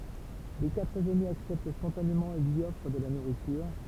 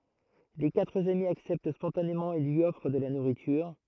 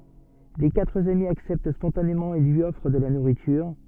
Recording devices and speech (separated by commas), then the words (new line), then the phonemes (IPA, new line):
temple vibration pickup, throat microphone, soft in-ear microphone, read sentence
Les quatre amis acceptent spontanément et lui offrent de la nourriture.
le katʁ ami aksɛpt spɔ̃tanemɑ̃ e lyi ɔfʁ də la nuʁityʁ